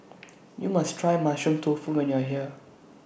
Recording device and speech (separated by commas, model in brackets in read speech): boundary microphone (BM630), read sentence